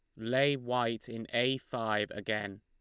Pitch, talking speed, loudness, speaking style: 115 Hz, 150 wpm, -33 LUFS, Lombard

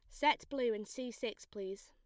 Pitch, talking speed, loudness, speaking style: 240 Hz, 215 wpm, -38 LUFS, plain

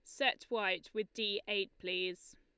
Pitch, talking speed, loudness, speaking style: 210 Hz, 165 wpm, -36 LUFS, Lombard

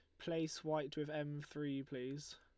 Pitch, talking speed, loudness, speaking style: 150 Hz, 165 wpm, -44 LUFS, Lombard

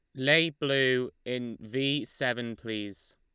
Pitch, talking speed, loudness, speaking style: 125 Hz, 120 wpm, -28 LUFS, Lombard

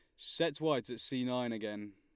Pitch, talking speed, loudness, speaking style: 125 Hz, 205 wpm, -36 LUFS, Lombard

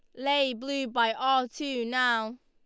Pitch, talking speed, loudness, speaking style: 255 Hz, 165 wpm, -27 LUFS, Lombard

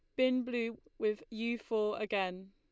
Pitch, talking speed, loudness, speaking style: 220 Hz, 155 wpm, -35 LUFS, Lombard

